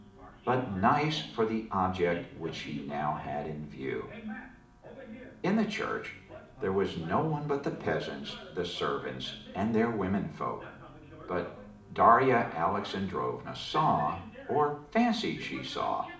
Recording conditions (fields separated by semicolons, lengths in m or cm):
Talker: one person; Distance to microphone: 2.0 m; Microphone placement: close; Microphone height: 99 cm; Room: medium-sized (5.7 m by 4.0 m); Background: television